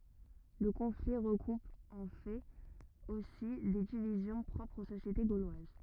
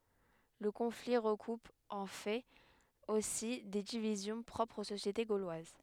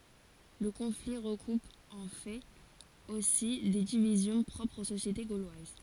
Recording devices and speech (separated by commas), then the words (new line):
rigid in-ear microphone, headset microphone, forehead accelerometer, read sentence
Le conflit recoupe en fait aussi des divisions propres aux sociétés gauloises.